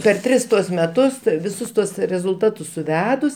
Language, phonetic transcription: Lithuanian, per ˈtris ˈtuos meˈtus ˈtɜ viˈsus ˈtuos rezulˈtatus suˈvedus

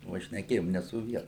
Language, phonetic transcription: Lithuanian, va šneˈkėjom ne su ˈvienu

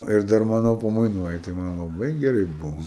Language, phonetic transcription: Lithuanian, ˈir dar ˈmano pamaiˈnoj tai ˈman laˈbai geˈrai ˈbuvo

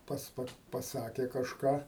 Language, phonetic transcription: Lithuanian, ˈpats ˈpa paˈsakė kažˈką

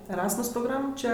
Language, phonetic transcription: Lithuanian, eˈrasmus progˈram ˈčia

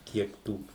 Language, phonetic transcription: Lithuanian, ˈkiek tų

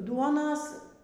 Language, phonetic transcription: Lithuanian, ˈduonas

